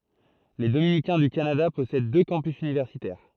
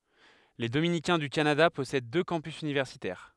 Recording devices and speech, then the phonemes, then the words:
throat microphone, headset microphone, read sentence
le dominikɛ̃ dy kanada pɔsɛd dø kɑ̃pys ynivɛʁsitɛʁ
Les dominicains du Canada possèdent deux campus universitaires.

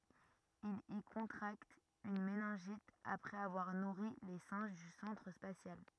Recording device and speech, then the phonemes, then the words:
rigid in-ear microphone, read sentence
il i kɔ̃tʁakt yn menɛ̃ʒit apʁɛz avwaʁ nuʁi le sɛ̃ʒ dy sɑ̃tʁ spasjal
Il y contracte une méningite après avoir nourri les singes du centre spatial.

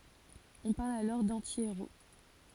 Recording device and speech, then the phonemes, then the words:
forehead accelerometer, read sentence
ɔ̃ paʁl alɔʁ dɑ̃tieʁo
On parle alors d'anti-héros.

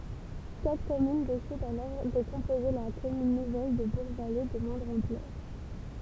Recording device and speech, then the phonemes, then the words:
temple vibration pickup, read sentence
katʁ kɔmyn desidɑ̃ alɔʁ də kɔ̃poze la kɔmyn nuvɛl də buʁɡvale də mwɛ̃dʁ ɑ̃plœʁ
Quatre communes décident alors de composer la commune nouvelle de Bourgvallées de moindre ampleur.

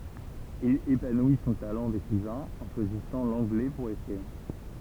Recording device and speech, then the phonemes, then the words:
temple vibration pickup, read sentence
il epanwi sɔ̃ talɑ̃ dekʁivɛ̃ ɑ̃ ʃwazisɑ̃ lɑ̃ɡlɛ puʁ ekʁiʁ
Il épanouit son talent d'écrivain en choisissant l'anglais pour écrire.

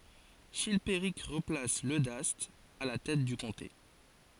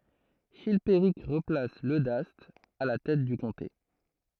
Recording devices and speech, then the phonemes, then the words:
forehead accelerometer, throat microphone, read sentence
ʃilpeʁik ʁəplas lødast a la tɛt dy kɔ̃te
Chilpéric replace Leudaste à la tête du comté.

